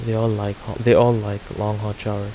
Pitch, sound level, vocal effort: 105 Hz, 81 dB SPL, soft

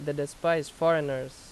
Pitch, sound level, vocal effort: 145 Hz, 87 dB SPL, loud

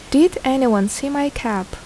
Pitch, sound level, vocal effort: 265 Hz, 77 dB SPL, normal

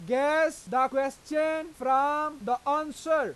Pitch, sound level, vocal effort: 290 Hz, 100 dB SPL, very loud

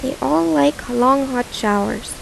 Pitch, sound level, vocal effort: 260 Hz, 81 dB SPL, soft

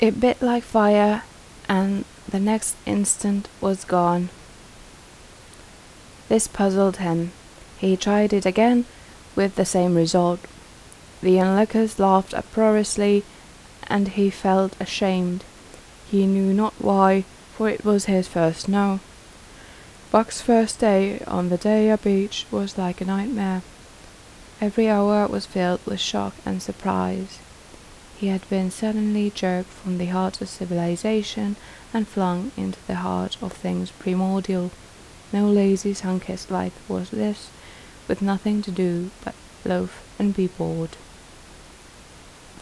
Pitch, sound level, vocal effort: 195 Hz, 77 dB SPL, soft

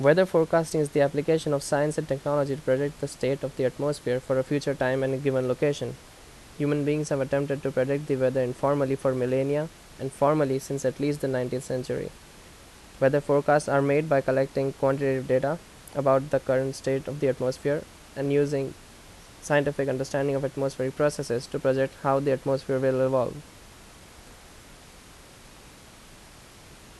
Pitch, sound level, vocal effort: 135 Hz, 83 dB SPL, loud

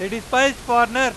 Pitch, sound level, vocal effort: 245 Hz, 106 dB SPL, very loud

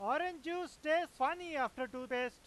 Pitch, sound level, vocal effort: 275 Hz, 102 dB SPL, very loud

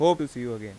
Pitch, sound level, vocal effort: 125 Hz, 92 dB SPL, normal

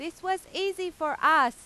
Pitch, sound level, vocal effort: 350 Hz, 100 dB SPL, very loud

